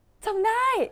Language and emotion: Thai, happy